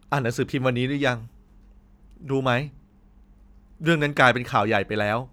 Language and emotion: Thai, sad